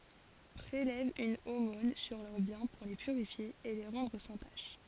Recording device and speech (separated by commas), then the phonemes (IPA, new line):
forehead accelerometer, read sentence
pʁelɛv yn omɔ̃n syʁ lœʁ bjɛ̃ puʁ le pyʁifje e le ʁɑ̃dʁ sɑ̃ taʃ